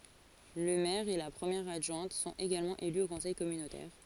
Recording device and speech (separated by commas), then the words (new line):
forehead accelerometer, read sentence
Le maire et la première adjointe sont également élus au conseil communautaire.